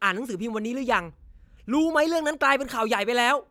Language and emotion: Thai, angry